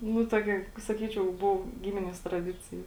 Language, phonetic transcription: Lithuanian, nu ˈtokia saˈkyčiau ˈbuvo ˈgiminies traˈdicija

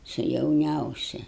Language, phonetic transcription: Lithuanian, su jauˈniausi

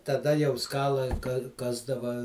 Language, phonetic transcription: Lithuanian, taˈda jau ˈskalai ˈkasdava

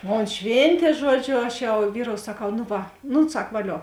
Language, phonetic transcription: Lithuanian, ˈmon ˈšvėntė ˈžuodžio ˈaš jau ˈvyrou saˈkau nu ˈva ˈnu ˈsak vaˈlio

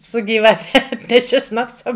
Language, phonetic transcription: Lithuanian, su gyvaˈte ˈatneši ˈšnapsa

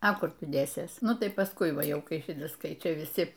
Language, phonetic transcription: Lithuanian, a ˈkur ˈtu ˈdėsės ˈnu tai paˈskui ˈvaˈjau ˈkai ˈšitas ˈkai ˈčia viˈsi

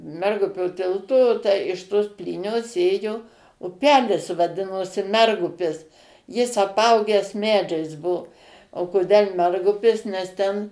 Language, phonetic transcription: Lithuanian, ˈmergupio ˈtilto tę iš ˈtos ˈplynios ˈėjo uˈpelis vaˈdinosi ˈmergupis ˈjis aˈpauges ˈmedžiais ˈbuo o koˈdel ˈmergupis nes ˈten

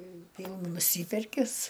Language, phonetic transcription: Lithuanian, ˈvyl nuˈsyperkis

